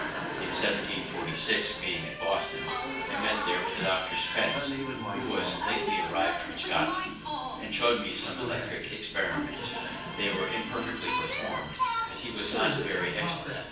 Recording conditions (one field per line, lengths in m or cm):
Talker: one person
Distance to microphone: 9.8 m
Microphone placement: far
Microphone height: 1.8 m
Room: large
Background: television